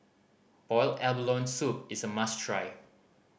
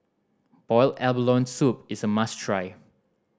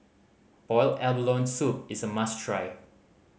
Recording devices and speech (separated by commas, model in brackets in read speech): boundary microphone (BM630), standing microphone (AKG C214), mobile phone (Samsung C5010), read sentence